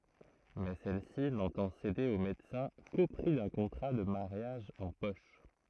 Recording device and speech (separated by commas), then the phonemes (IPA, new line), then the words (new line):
throat microphone, read sentence
mɛ sɛl si nɑ̃tɑ̃ sede o medəsɛ̃ ko pʁi dœ̃ kɔ̃tʁa də maʁjaʒ ɑ̃ pɔʃ
Mais celle-ci n'entend céder au médecin qu'au prix d'un contrat de mariage en poche.